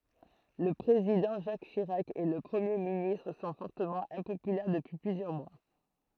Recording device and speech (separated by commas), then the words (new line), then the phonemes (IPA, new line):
throat microphone, read sentence
Le Président Jacques Chirac et le Premier ministre sont fortement impopulaires depuis plusieurs mois.
lə pʁezidɑ̃ ʒak ʃiʁak e lə pʁəmje ministʁ sɔ̃ fɔʁtəmɑ̃ ɛ̃popylɛʁ dəpyi plyzjœʁ mwa